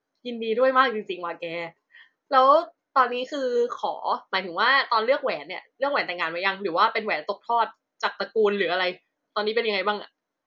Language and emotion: Thai, happy